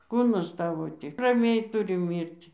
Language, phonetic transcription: Lithuanian, ˈkūnas ˈtavo ˈtik raˈmiai ˈturi ˈmyrti

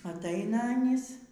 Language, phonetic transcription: Lithuanian, atˈaina aˈnys

